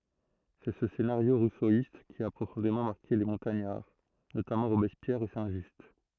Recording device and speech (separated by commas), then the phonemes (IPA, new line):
throat microphone, read sentence
sɛ sə senaʁjo ʁusoist ki a pʁofɔ̃demɑ̃ maʁke le mɔ̃taɲaʁ notamɑ̃ ʁobɛspjɛʁ e sɛ̃ ʒyst